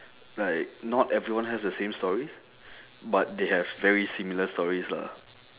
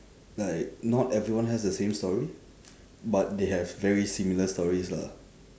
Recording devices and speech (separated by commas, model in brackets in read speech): telephone, standing microphone, conversation in separate rooms